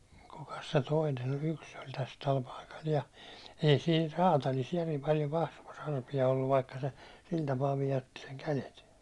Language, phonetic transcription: Finnish, ja ku- , kukas se 'toinen ‿oĺ yks oĺ täs 'täl paikal ja , ei siin 'raatalis järim paljo 'kasvos ‿arpi₍a olluv vaikka se , 'sil tapaa 'vijotti seŋ 'kälet .
- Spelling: ja - kukas se toinen oli yksi oli tässä tällä paikalla ja ei siinä räätälissä järin paljon kasvoissa arpia ollut vaikka se sillä tapaa vioitti sen kädet

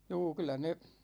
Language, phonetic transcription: Finnish, 'juu 'kyl̆lä ne ,.
- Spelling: juu kyllä ne

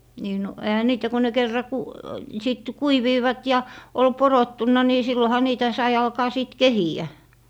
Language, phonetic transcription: Finnish, nii no , 'ehä 'niitä ko ne 'kerra ku- , 'sìt , "kuiviivat ja , ol "porottunna ni 'silloha 'niitä 'sai 'alkaa 'sìt "kehi₍ä .
- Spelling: niin no eihän niitä kun ne kerran - sitten kuivuivat ja oli porottunut niin silloinhan niitä sai alkaa sitten kehiä

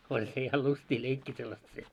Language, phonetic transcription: Finnish, oĺ se ja 'lyst́ii 'leikkii sellast se .
- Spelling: oli se ja lystiä leikkiä sellaista se

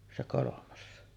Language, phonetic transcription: Finnish, se 'kolomas .
- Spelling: se kolmas

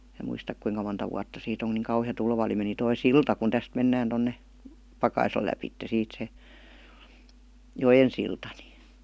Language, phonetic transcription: Finnish, mä muistak 'kuiŋka monta wuatta 'siit ‿oŋ ku niiŋ kauhi₍a 'tulva oli meni 'toi "silta kun 'täst 'mennään tonne , 'Pakaisla läpitte 'siit se , "jojen silta ni .
- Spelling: minä muista kuinka monta vuotta siitä on kun niin kauhea tulva oli meni tuo silta kun tästä mennään tuonne Pakaislan lävitse siitä se joen silta niin

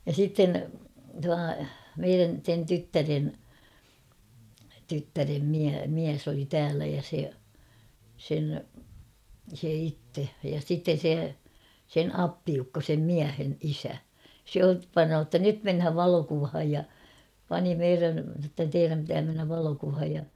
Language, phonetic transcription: Finnish, ja 'sitten tua , 'meirän̬ sen 'tyttären , 'tyttärem miä- 'miäs ‿oli "täälä ja se , sen , se 'itte , ja sitten̬ 'se , sen "appiukko sem "miähen 'isä , se ot- ''panoo ‿ttä 'nyt menhäv 'valokuvhaj ja , "pani "meirän̬ sa ‿ttä 'teiräm pitää mennäv 'valokuvhaj ja ...
- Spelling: ja sitten tuo meidän sen tyttären tyttären - mies oli täällä ja se sen se itse ja sitten se sen appiukko sen miehen isä se - panee että nyt mennään valokuvaan ja pani meidän sano että teidän pitää mennä valokuvaan ja

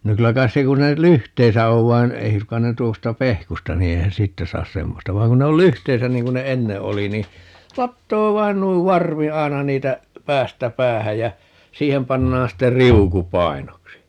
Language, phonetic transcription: Finnish, no 'kylä kais se 'kun (se näil) "lyhteisä 'ov vain , 'ei sukkan ne 'tuosta "pehkusta ni 'eihän "siittä 'saas "semmosta 'vaiŋ kun 'ne ol "lyhteisä 'niiŋ kun ne "enne 'oli ni , "lattoo 'vain nuiv "varvi 'ai̮na 'niitä , "päästä 'päähäj jä , "siihem 'pannaan 'ste "riuku 'pai̮noksi .
- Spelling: no kyllä kai se kun se näin lyhteissä on vaan ei suinkaan ne tuosta pehkusta niin eihän siitä saa semmoista vaan kun ne oli lyhteissä niin kun ne ennen oli niin latoa vain noin varvi aina niitä päästä päähän ja siihen pannaan sitten riuku painoksi

